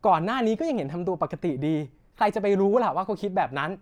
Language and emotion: Thai, angry